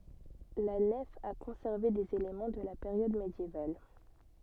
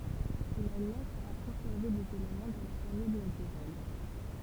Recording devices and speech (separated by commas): soft in-ear microphone, temple vibration pickup, read sentence